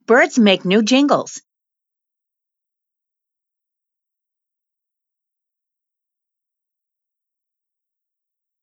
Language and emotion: English, fearful